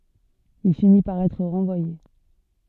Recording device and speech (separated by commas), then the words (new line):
soft in-ear microphone, read sentence
Il finit par être renvoyé.